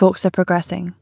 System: none